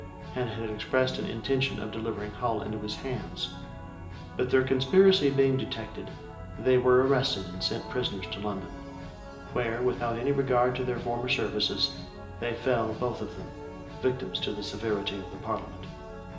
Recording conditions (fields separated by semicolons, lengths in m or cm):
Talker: one person; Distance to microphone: 1.8 m; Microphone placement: close; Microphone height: 1.0 m; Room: large; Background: music